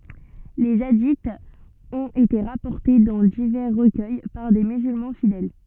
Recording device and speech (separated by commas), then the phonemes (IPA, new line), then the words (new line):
soft in-ear microphone, read sentence
le adiz ɔ̃t ete ʁapɔʁte dɑ̃ divɛʁ ʁəkœj paʁ de myzylmɑ̃ fidɛl
Les hadiths ont été rapportés dans divers recueils par des musulmans fidèles.